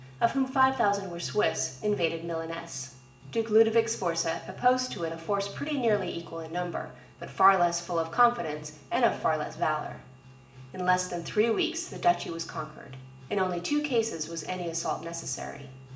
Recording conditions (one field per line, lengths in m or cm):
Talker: one person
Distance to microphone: 1.8 m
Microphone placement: close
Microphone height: 1.0 m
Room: large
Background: music